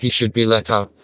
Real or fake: fake